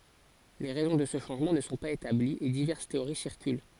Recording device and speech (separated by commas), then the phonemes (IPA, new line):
forehead accelerometer, read sentence
le ʁɛzɔ̃ də sə ʃɑ̃ʒmɑ̃ nə sɔ̃ paz etabliz e divɛʁs teoʁi siʁkyl